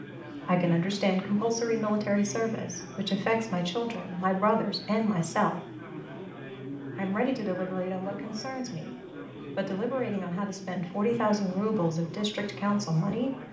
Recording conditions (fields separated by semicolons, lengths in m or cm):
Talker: one person; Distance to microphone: 2.0 m; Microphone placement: close; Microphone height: 99 cm; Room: medium-sized (5.7 m by 4.0 m); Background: babble